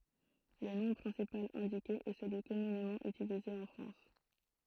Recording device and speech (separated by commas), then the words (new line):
throat microphone, read sentence
Le nom principal indiqué est celui communément utilisé en France.